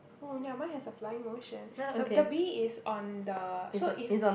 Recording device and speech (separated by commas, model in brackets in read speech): boundary microphone, conversation in the same room